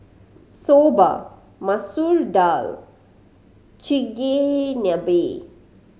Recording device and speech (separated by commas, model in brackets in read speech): mobile phone (Samsung C5010), read sentence